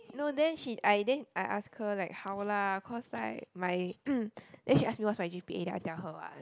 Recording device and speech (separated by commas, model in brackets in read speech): close-talking microphone, conversation in the same room